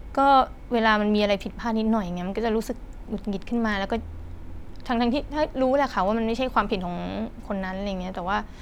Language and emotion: Thai, frustrated